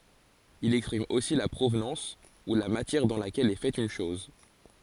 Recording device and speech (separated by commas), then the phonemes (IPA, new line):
forehead accelerometer, read sentence
il ɛkspʁim osi la pʁovnɑ̃s u la matjɛʁ dɑ̃ lakɛl ɛ fɛt yn ʃɔz